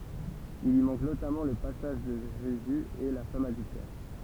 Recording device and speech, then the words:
temple vibration pickup, read sentence
Il y manque notamment le passage de Jésus et la femme adultère.

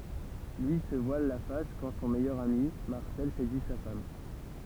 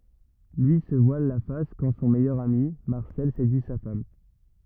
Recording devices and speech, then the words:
temple vibration pickup, rigid in-ear microphone, read sentence
Lui se voile la face quand son meilleur ami, Marcel, séduit sa femme.

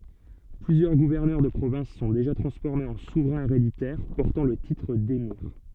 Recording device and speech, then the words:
soft in-ear microphone, read sentence
Plusieurs gouverneurs de provinces sont déjà transformés en souverains héréditaires, portant le titre d'émir.

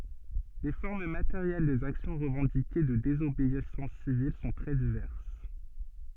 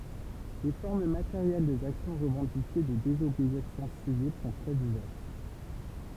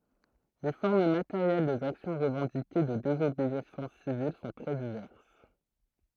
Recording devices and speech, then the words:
soft in-ear microphone, temple vibration pickup, throat microphone, read sentence
Les formes matérielles des actions revendiquées de désobéissance civile sont très diverses.

